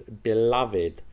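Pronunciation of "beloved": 'beloved' is pronounced correctly here.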